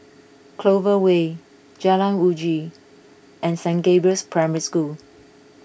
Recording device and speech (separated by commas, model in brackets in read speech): boundary microphone (BM630), read sentence